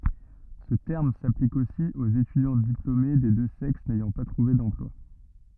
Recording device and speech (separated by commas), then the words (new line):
rigid in-ear microphone, read sentence
Ce terme s'applique aussi aux étudiants diplômés des deux sexes n'ayant pas trouvé d'emploi.